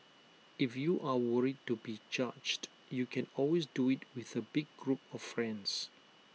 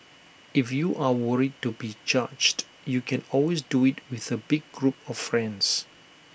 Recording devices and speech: mobile phone (iPhone 6), boundary microphone (BM630), read sentence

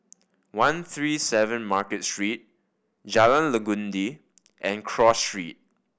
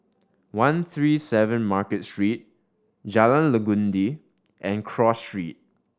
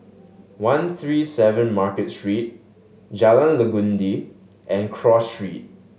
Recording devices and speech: boundary microphone (BM630), standing microphone (AKG C214), mobile phone (Samsung S8), read sentence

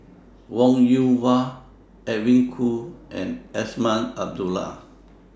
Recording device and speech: standing microphone (AKG C214), read sentence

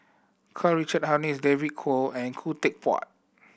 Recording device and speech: boundary microphone (BM630), read sentence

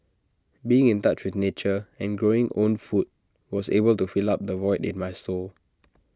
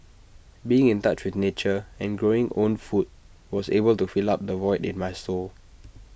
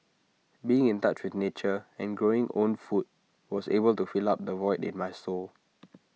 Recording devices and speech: standing microphone (AKG C214), boundary microphone (BM630), mobile phone (iPhone 6), read sentence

